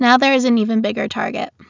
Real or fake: real